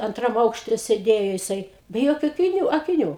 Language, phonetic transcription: Lithuanian, anˈtram ˈaukšte sėˈdėjo jiˈsai be ˈjokiu akiˈnių akiˈnių

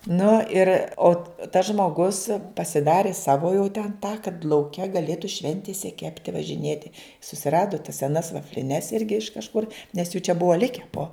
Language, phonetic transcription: Lithuanian, ˈnu ir o tas žmoˈgus pasiˈdari ˈsavo jau ten tą kad lauˈke gaˈlėtu ˈšventise ˈkepti važiˈnėti susiˈradu tas seˈnas vafliˈnes ˈirgi iš kažˈkur nes jų čia ˈbuva ˈlike po

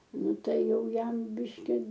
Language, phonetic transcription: Lithuanian, ˈnu ˈtai ˈjau ˈjam ˈbiški

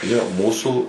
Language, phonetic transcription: Lithuanian, jo ˈmūsų

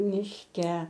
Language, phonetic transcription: Lithuanian, mišˈke

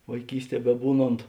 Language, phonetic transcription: Lithuanian, vaiˈkysˌtie beˈbūˌnont

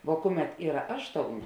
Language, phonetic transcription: Lithuanian, vo ˈkuˌmet ˈyra ˈašˌtouˌnė

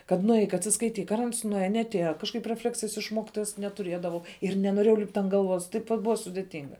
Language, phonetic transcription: Lithuanian, kad nuˈeik atsiskaiˈtyk ar ans nuˈeja neatˈėja kažˈkaip reˈfleksijas iš ˈmokitojas netuˈriedavau ir nenoˈrėjau lipt' ant galˈvos taip vat ˈbuva sudėˈtinga

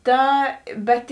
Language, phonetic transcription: Lithuanian, ˈta ˈbet

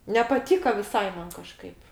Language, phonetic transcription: Lithuanian, nepaˈtyka viˈsai ˈman kaˈžkaip

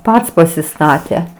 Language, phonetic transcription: Lithuanian, ˈpats pasiˈstate

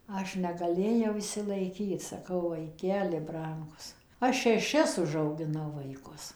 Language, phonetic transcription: Lithuanian, ˈaš negaˈlėjau išsilaiˈkyt saˈkau vaiˈkeli ˈbrangus ˈaš šeˈšis užaugiˈnau vaiˈkus

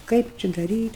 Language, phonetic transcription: Lithuanian, ˈkaip či daˈryt'

